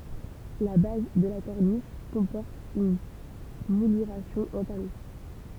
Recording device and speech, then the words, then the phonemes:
temple vibration pickup, read sentence
La base de la corniche comporte une mouluration en talons.
la baz də la kɔʁniʃ kɔ̃pɔʁt yn mulyʁasjɔ̃ ɑ̃ talɔ̃

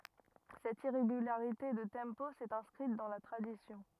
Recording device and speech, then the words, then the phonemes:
rigid in-ear microphone, read sentence
Cette irrégularité de tempo s'est inscrite dans la tradition.
sɛt iʁeɡylaʁite də tɑ̃po sɛt ɛ̃skʁit dɑ̃ la tʁadisjɔ̃

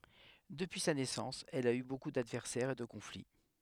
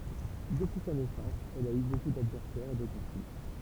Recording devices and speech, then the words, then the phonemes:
headset microphone, temple vibration pickup, read sentence
Depuis sa naissance, elle a eu beaucoup d'adversaires et de conflits.
dəpyi sa nɛsɑ̃s ɛl a y boku dadvɛʁsɛʁz e də kɔ̃fli

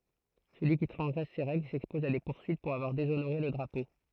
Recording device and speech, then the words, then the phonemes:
throat microphone, read sentence
Celui qui transgresse ces règles s'expose à des poursuites pour avoir déshonoré le drapeau.
səlyi ki tʁɑ̃zɡʁɛs se ʁɛɡl sɛkspɔz a de puʁsyit puʁ avwaʁ dezonoʁe lə dʁapo

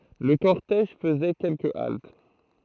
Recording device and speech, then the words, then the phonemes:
throat microphone, read sentence
Le cortège faisait quelques haltes.
lə kɔʁtɛʒ fəzɛ kɛlkə alt

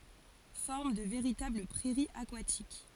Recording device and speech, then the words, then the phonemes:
forehead accelerometer, read sentence
Forment de véritables prairies aquatiques.
fɔʁm də veʁitabl pʁɛʁiz akwatik

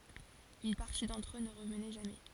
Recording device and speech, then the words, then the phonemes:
forehead accelerometer, read sentence
Une partie d'entre eux ne revenait jamais.
yn paʁti dɑ̃tʁ ø nə ʁəvnɛ ʒamɛ

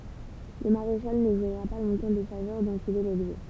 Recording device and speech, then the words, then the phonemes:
temple vibration pickup, read sentence
Le maréchal ne jouira pas longtemps des faveurs dont il est l'objet.
lə maʁeʃal nə ʒwiʁa pa lɔ̃tɑ̃ de favœʁ dɔ̃t il ɛ lɔbʒɛ

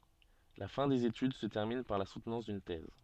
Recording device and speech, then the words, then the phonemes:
soft in-ear microphone, read sentence
La fin des études se termine par la soutenance d'une thèse.
la fɛ̃ dez etyd sə tɛʁmin paʁ la sutnɑ̃s dyn tɛz

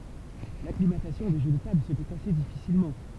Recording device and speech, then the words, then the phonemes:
temple vibration pickup, read sentence
L'acclimatation des jeux de tables se fait assez difficilement.
laklimatasjɔ̃ de ʒø də tabl sə fɛt ase difisilmɑ̃

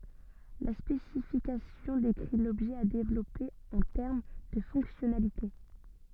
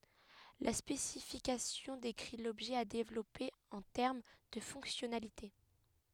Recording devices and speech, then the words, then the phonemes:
soft in-ear microphone, headset microphone, read sentence
La spécification décrit l'objet à développer en termes de fonctionnalité.
la spesifikasjɔ̃ dekʁi lɔbʒɛ a devlɔpe ɑ̃ tɛʁm də fɔ̃ksjɔnalite

